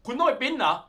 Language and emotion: Thai, angry